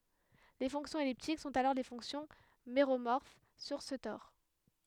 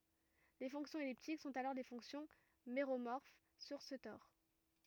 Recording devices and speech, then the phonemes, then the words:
headset microphone, rigid in-ear microphone, read sentence
le fɔ̃ksjɔ̃z ɛliptik sɔ̃t alɔʁ le fɔ̃ksjɔ̃ meʁomɔʁf syʁ sə tɔʁ
Les fonctions elliptiques sont alors les fonctions méromorphes sur ce tore.

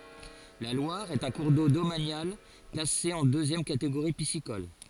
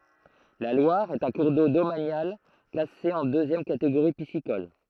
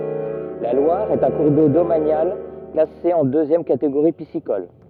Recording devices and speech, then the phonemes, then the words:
forehead accelerometer, throat microphone, rigid in-ear microphone, read sentence
la lwaʁ ɛt œ̃ kuʁ do domanjal klase ɑ̃ døzjɛm kateɡoʁi pisikɔl
La Loire est un cours d’eau domanial classé en deuxième catégorie piscicole.

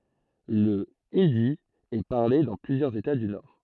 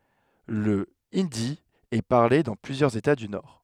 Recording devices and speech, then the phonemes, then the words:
throat microphone, headset microphone, read sentence
lə indi ɛ paʁle dɑ̃ plyzjœʁz eta dy nɔʁ
Le hindi est parlé dans plusieurs États du Nord.

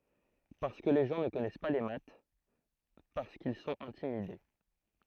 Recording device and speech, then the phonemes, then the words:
throat microphone, read sentence
paʁskə le ʒɑ̃ nə kɔnɛs pa le mat paʁskil sɔ̃t ɛ̃timide
Parce que les gens ne connaissent pas les maths, parce qu’ils sont intimidés.

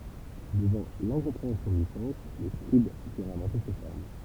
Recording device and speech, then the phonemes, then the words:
temple vibration pickup, read sentence
dəvɑ̃ lɛ̃kɔ̃pʁeɑ̃sjɔ̃ dy sɑ̃s le skʁib dyʁt ɛ̃vɑ̃te se fɔʁm
Devant l’incompréhension du sens, les scribes durent inventer ces formes.

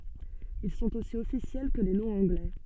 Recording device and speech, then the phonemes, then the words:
soft in-ear microphone, read sentence
il sɔ̃t osi ɔfisjɛl kə le nɔ̃z ɑ̃ɡlɛ
Ils sont aussi officiels que les noms anglais.

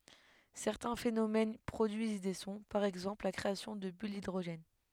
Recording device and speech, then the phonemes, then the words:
headset microphone, read sentence
sɛʁtɛ̃ fenomɛn pʁodyiz de sɔ̃ paʁ ɛɡzɑ̃pl la kʁeasjɔ̃ də byl didʁoʒɛn
Certains phénomènes produisent des sons, par exemple la création de bulles d'hydrogène.

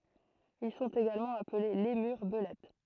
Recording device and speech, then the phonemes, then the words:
throat microphone, read sentence
il sɔ̃t eɡalmɑ̃ aple lemyʁ bəlɛt
Ils sont également appelés lémurs belettes.

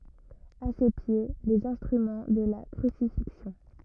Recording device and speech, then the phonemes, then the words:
rigid in-ear microphone, read sentence
a se pje lez ɛ̃stʁymɑ̃ də la kʁysifiksjɔ̃
À ses pieds, les instruments de la crucifixion.

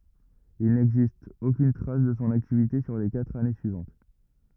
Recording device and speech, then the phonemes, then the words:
rigid in-ear microphone, read sentence
il nɛɡzist okyn tʁas də sɔ̃ aktivite syʁ le katʁ ane syivɑ̃t
Il n'existe aucune trace de son activité sur les quatre années suivantes.

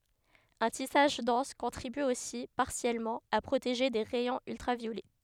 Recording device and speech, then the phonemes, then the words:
headset microphone, read sentence
œ̃ tisaʒ dɑ̃s kɔ̃tʁiby osi paʁsjɛlmɑ̃ a pʁoteʒe de ʁɛjɔ̃z yltʁavjolɛ
Un tissage dense contribue aussi, partiellement, à protéger des rayons ultraviolets.

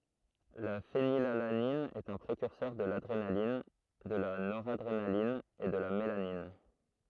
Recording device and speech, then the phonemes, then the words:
throat microphone, read sentence
la fenilalanin ɛt œ̃ pʁekyʁsœʁ də ladʁenalin də la noʁadʁenalin e də la melanin
La phénylalanine est un précurseur de l'adrénaline, de la noradrénaline et de la mélanine.

